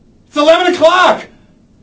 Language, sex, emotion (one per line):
English
male
angry